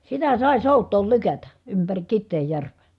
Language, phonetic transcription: Finnish, sitä sài̮ sòut̆tool lykätä , ympäri Kitteejjärv̀è .
- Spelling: sitä sai soutaa lykätä ympäri Kiteenjärveä

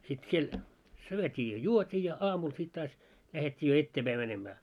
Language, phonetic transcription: Finnish, sit siel , 'syöt́ii ja "juot́ii ja 'aamul sit taas , lähet́t́ii jo 'etteepäi mänemää .
- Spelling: sitten siellä syötiin ja juotiin ja aamulla sitten taas lähdettiin jo eteenpäin menemään

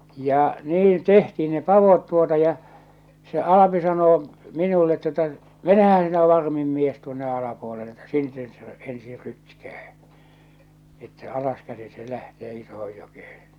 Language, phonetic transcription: Finnish, ja 'niin "tehtiin ne "pavot tuota ja , se 'Alapi sanoo , 'minullet tu°ta , » 'menehän sinä 'varmim 'mies tuonne alapuolelle että 'sin- ses se , 'ensiir 'rytkää , että 'alaskäsi se 'lähtee 'isohoj 'jokehᴇ « .
- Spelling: ja niin tehtiin ne padot tuota ja se Alpi sanoo minulle tuota menehän sinä varmin mies tuonne alapuolelle että - sen se ensin rytkää että alaskäsin se lähtee isoon jokeen

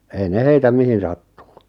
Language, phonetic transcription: Finnish, ei 'ne heitä "mihin sattuu .
- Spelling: ei ne heitä mihin sattuu

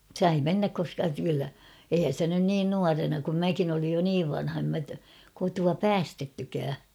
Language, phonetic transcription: Finnish, 'sai "mennäk koska kyllä , eihän̬ sⁱtä nyn 'niin 'nuarena kum "mäkin ‿olij jo "niiv vanha em mä , kotua "päästettykää .
- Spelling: sai mennä koska kyllä eihän sitä nyt niin nuorena kun minäkin olin jo niin vanha en minä kotoa päästettykään

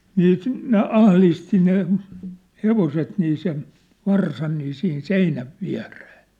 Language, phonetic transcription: Finnish, 'nii , ne "ahlisti ne , "hevoset nii sen , 'varsan nii sihin "seinäv "viä̭ree .
- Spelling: niin ne ahdisti ne hevoset niin sen varsan niin siihen seinän viereen

